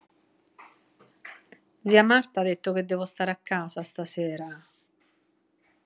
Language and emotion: Italian, neutral